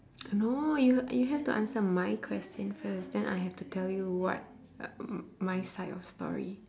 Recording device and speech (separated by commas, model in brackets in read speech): standing microphone, conversation in separate rooms